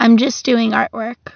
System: none